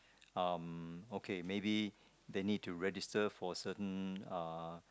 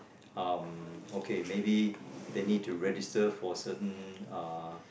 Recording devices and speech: close-talking microphone, boundary microphone, conversation in the same room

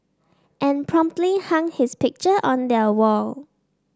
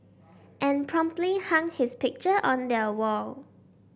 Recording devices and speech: standing microphone (AKG C214), boundary microphone (BM630), read sentence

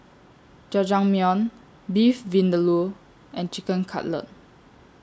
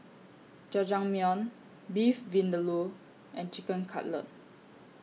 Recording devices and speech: standing microphone (AKG C214), mobile phone (iPhone 6), read sentence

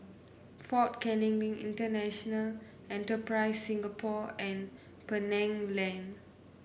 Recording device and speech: boundary microphone (BM630), read sentence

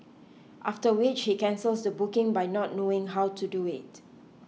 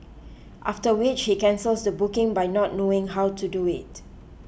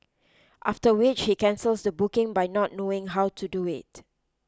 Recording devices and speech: mobile phone (iPhone 6), boundary microphone (BM630), close-talking microphone (WH20), read sentence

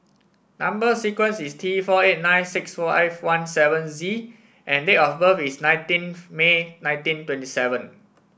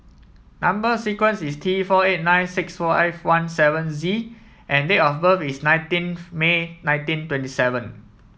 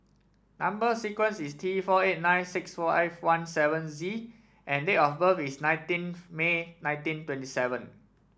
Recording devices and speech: boundary microphone (BM630), mobile phone (iPhone 7), standing microphone (AKG C214), read sentence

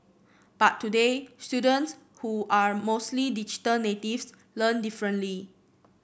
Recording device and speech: boundary microphone (BM630), read sentence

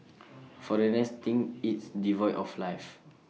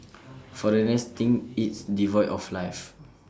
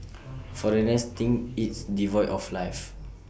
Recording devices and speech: mobile phone (iPhone 6), standing microphone (AKG C214), boundary microphone (BM630), read sentence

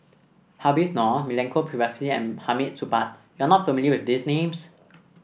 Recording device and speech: boundary microphone (BM630), read sentence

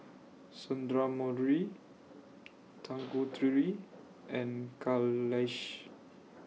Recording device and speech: mobile phone (iPhone 6), read sentence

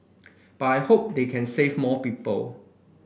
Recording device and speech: boundary microphone (BM630), read sentence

